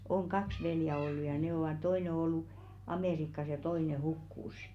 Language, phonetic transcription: Finnish, oŋ "kaks 'veljä ollu ja ne ‿ovà 'toine ‿ŏ ‿ollu , "Amèrikkas ja 'toine "hukkùs̀ .
- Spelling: on kaksi veljeä ollut ja ne ovat toinen on ollut Amerikassa ja toinen hukkui

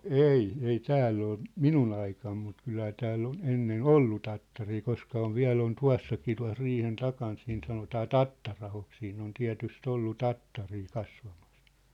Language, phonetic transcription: Finnish, no "ei , ei "tääll ‿ol , "minun ‿aikam mut 'kylhä 'tääll ‿on 'ennen "ollu tattarii 'koska ov 'viä̭l ‿on 'tua̭s sakii tua̭sriihen 'takaan siin sanotaa "Tattarahok siin ‿on 'tiä̭tys't ‿ollu "tattarii 'kasvamas .
- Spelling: no ei ei täällä ole minun aikana mutta kyllähän täällä on ennen ollut tattaria koska on vielä on - tuossakin tuossa riihen takana siinä sanotaan Tattari-ahoksi siinä on tietysti ollut tattaria kasvamassa

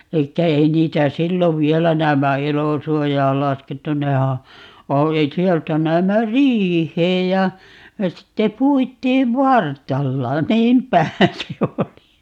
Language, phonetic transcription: Finnish, 'elikkä 'ei 'niitä "sillov 'viɛlä 'näämmä "elosuojaal 'laskettu 'nehä , o - 'sieltä 'näämmä "riih̀eej ja , ja 'sitte "puit̀iiv "vart̀alla , "niimp̀ähä se 'oli .
- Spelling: eli ei niitä silloin vielä näemmä elosuojaan laskettu nehän - sieltä näemmä riiheen ja ja sitten puitiin vartalla niinpähän se oli

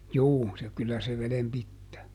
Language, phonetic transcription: Finnish, ˈjuu , se ˈkyllä se ˈvelem "pittää .
- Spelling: juu se kyllä se veden pitää

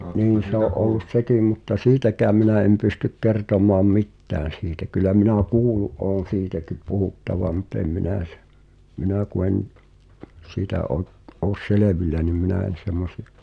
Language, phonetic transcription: Finnish, 'niin̬ se ‿o’ ’ollus "sekìm mutta "siitäk̀ääm minä em pystyk "kertom̀aam "mittään̬ siitä kylä mina̳ "kuulu’ ’oon̬ "siitäkip̆ 'puhuttavaᵐ mut ‿em 'minä̀ s- , "minä ku en , 'sìtä ’o , ’oos "selevilä nim 'minä̀ en̬ 'semmosɪ₍ᴬ .
- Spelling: niin se on ollut sekin mutta siitäkään minä en pysty kertomaan mitään siitä kyllä minä kuullut olen siitäkin puhuttavan mutta en minä - minä kun en siitä ole ole selvillä niin minä en semmoisia

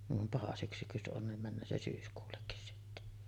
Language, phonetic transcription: Finnish, niv vam 'paha syksy jos ’on nim "männöö se 'syyskuullekkis sitte .
- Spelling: niin vaan paha syksy jos on niin menee se syyskuullekin sitten

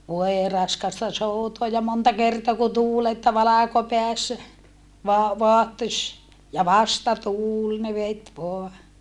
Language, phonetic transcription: Finnish, voe raskasta soutoa ja monta kertoa kun tuul että valàkopeässä , voa , voahtoś , ja vastatuul ne vet voa .
- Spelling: voi raskasta soutaa ja monta kertaa kun tuuli että valkopäässä vain vaahtosi ja vastatuuli ne veti vain

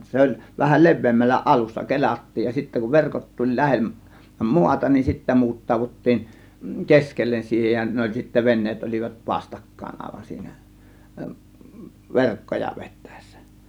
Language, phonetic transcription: Finnish, 'se oĺ vähä , "le̬v̆veemmällä 'ˀalussa 'ke̬l͕attiij ja sittä kuv 'verkot tuĺ 'lä̬hem- , "muata nin 'sittä 'muut̀taavut̀tiin , "keskellen 'siihen ja 'ne oĺ sittä 'venneet ol͕ivat "vastakkàėn 'àėvan siinä , "verkkoja 'vettÄè̬ssÄ .
- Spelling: se oli vähän leveämmällä alussa kelattiin ja sitten kun verkot tuli - maata niin sitten muutettiin keskelle siihen ja ne oli sitten veneet olivat vastakkain aivan siinä verkkoja vetäessä

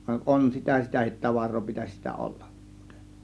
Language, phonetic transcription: Finnish, (van) "ˀon sitä "sitähit 'tavar̆roo pitäś sitä "ollAM MuutE .
- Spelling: vaan on sitä sitäkin tavaraa pitäisi sitä olla muuten

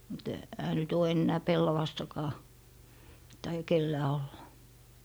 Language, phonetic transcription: Finnish, mut , ehä nyt ‿oo 'ennää "pellavastakaa , taija 'kellää olla .
- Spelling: mutta eihän nyt ole enää pellavastakaan taida kenelläkään olla

